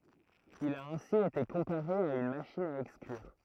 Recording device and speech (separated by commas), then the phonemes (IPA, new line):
throat microphone, read sentence
il a ɛ̃si ete kɔ̃paʁe a yn maʃin a ɛksklyʁ